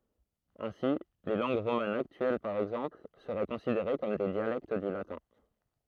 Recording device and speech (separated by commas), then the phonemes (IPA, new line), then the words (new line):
throat microphone, read sentence
ɛ̃si le lɑ̃ɡ ʁomanz aktyɛl paʁ ɛɡzɑ̃pl səʁɛ kɔ̃sideʁe kɔm de djalɛkt dy latɛ̃
Ainsi, les langues romanes actuelles par exemple seraient considérées comme des dialectes du latin.